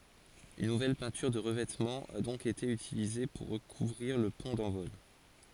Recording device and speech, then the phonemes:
forehead accelerometer, read sentence
yn nuvɛl pɛ̃tyʁ də ʁəvɛtmɑ̃ a dɔ̃k ete ytilize puʁ ʁəkuvʁiʁ lə pɔ̃ dɑ̃vɔl

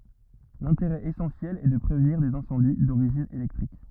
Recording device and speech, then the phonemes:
rigid in-ear microphone, read sentence
lɛ̃teʁɛ esɑ̃sjɛl ɛ də pʁevniʁ dez ɛ̃sɑ̃di doʁiʒin elɛktʁik

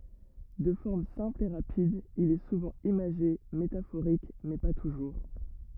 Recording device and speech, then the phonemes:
rigid in-ear microphone, read sentence
də fɔʁm sɛ̃pl e ʁapid il ɛ suvɑ̃ imaʒe metafoʁik mɛ pa tuʒuʁ

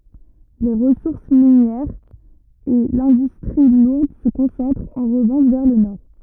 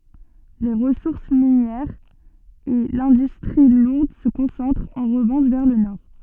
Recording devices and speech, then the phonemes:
rigid in-ear microphone, soft in-ear microphone, read sentence
le ʁəsuʁs minjɛʁz e lɛ̃dystʁi luʁd sə kɔ̃sɑ̃tʁt ɑ̃ ʁəvɑ̃ʃ vɛʁ lə nɔʁ

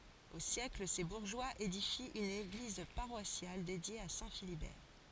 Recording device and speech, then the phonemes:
forehead accelerometer, read sentence
o sjɛkl se buʁʒwaz edifi yn eɡliz paʁwasjal dedje a sɛ̃ filibɛʁ

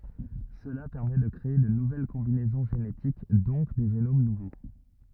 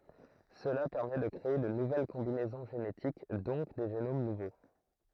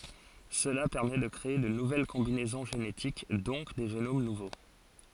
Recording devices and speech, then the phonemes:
rigid in-ear microphone, throat microphone, forehead accelerometer, read sentence
səla pɛʁmɛ də kʁee də nuvɛl kɔ̃binɛzɔ̃ ʒenetik dɔ̃k de ʒenom nuvo

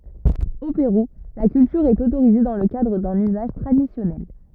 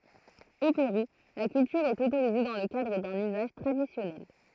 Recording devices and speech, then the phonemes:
rigid in-ear microphone, throat microphone, read sentence
o peʁu la kyltyʁ ɛt otoʁize dɑ̃ lə kadʁ dœ̃n yzaʒ tʁadisjɔnɛl

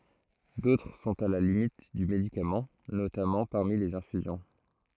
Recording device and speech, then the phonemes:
throat microphone, read sentence
dotʁ sɔ̃t a la limit dy medikamɑ̃ notamɑ̃ paʁmi lez ɛ̃fyzjɔ̃

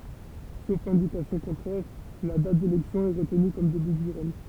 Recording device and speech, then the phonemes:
temple vibration pickup, read sentence
sof ɛ̃dikasjɔ̃ kɔ̃tʁɛʁ la dat delɛksjɔ̃ ɛ ʁətny kɔm deby dy ʁɛɲ

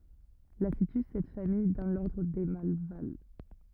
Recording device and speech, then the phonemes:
rigid in-ear microphone, read sentence
la sity sɛt famij dɑ̃ lɔʁdʁ de malval

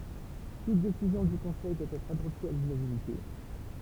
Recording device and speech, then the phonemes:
temple vibration pickup, read sentence
tut desizjɔ̃ dy kɔ̃sɛj dwa ɛtʁ adɔpte a lynanimite

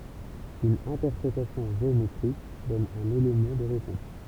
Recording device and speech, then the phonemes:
temple vibration pickup, read sentence
yn ɛ̃tɛʁpʁetasjɔ̃ ʒeometʁik dɔn œ̃n elemɑ̃ də ʁepɔ̃s

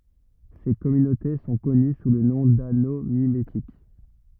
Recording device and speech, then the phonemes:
rigid in-ear microphone, read sentence
se kɔmynote sɔ̃ kɔny su lə nɔ̃ dano mimetik

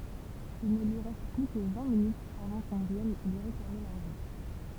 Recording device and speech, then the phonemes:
temple vibration pickup, read sentence
il nə lyi ʁɛst ply kə vɛ̃ minytz avɑ̃ kɔ̃ vjɛn lyi ʁeklame laʁʒɑ̃

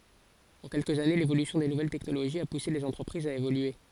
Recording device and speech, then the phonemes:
forehead accelerometer, read sentence
ɑ̃ kɛlkəz ane levolysjɔ̃ de nuvɛl tɛknoloʒiz a puse lez ɑ̃tʁəpʁizz a evolye

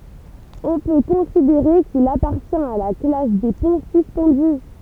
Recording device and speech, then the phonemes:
temple vibration pickup, read sentence
ɔ̃ pø kɔ̃sideʁe kil apaʁtjɛ̃t a la klas de pɔ̃ syspɑ̃dy

